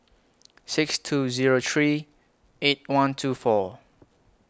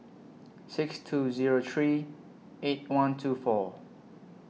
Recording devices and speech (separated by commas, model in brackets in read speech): close-talking microphone (WH20), mobile phone (iPhone 6), read sentence